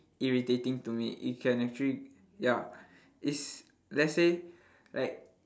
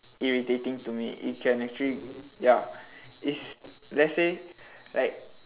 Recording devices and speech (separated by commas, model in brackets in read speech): standing microphone, telephone, conversation in separate rooms